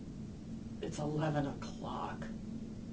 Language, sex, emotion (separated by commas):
English, female, fearful